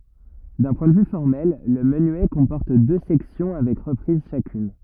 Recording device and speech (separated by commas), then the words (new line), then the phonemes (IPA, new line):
rigid in-ear microphone, read sentence
D'un point de vue formel, le menuet comporte deux sections avec reprise chacune.
dœ̃ pwɛ̃ də vy fɔʁmɛl lə mənyɛ kɔ̃pɔʁt dø sɛksjɔ̃ avɛk ʁəpʁiz ʃakyn